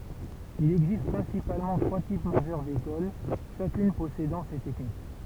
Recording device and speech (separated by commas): temple vibration pickup, read sentence